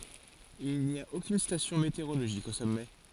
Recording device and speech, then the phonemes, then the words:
forehead accelerometer, read sentence
il ni a okyn stasjɔ̃ meteoʁoloʒik o sɔmɛ
Il n'y a aucune station météorologique au sommet.

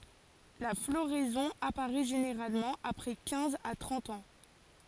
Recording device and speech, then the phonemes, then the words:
forehead accelerometer, read sentence
la floʁɛzɔ̃ apaʁɛ ʒeneʁalmɑ̃ apʁɛ kɛ̃z a tʁɑ̃t ɑ̃
La floraison apparaît généralement après quinze à trente ans.

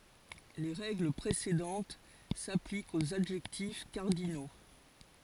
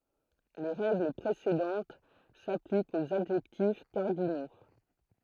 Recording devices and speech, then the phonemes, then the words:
forehead accelerometer, throat microphone, read sentence
le ʁɛɡl pʁesedɑ̃t saplikt oz adʒɛktif kaʁdino
Les règles précédentes s'appliquent aux adjectifs cardinaux.

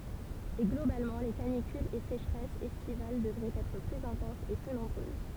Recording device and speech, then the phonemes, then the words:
temple vibration pickup, read sentence
e ɡlobalmɑ̃ le kanikylz e seʃʁɛsz ɛstival dəvʁɛt ɛtʁ plyz ɛ̃tɑ̃sz e ply nɔ̃bʁøz
Et globalement les canicules et sécheresses estivales devraient être plus intenses et plus nombreuses.

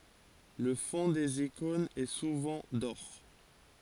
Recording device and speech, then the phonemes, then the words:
forehead accelerometer, read sentence
lə fɔ̃ dez ikɔ̃nz ɛ suvɑ̃ dɔʁ
Le fonds des icônes est souvent d'or.

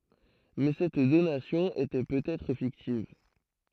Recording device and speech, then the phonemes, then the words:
throat microphone, read sentence
mɛ sɛt donasjɔ̃ etɛ pøt ɛtʁ fiktiv
Mais cette donation était peut-être fictive.

